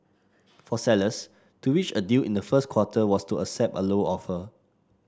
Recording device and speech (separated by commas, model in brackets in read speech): standing microphone (AKG C214), read sentence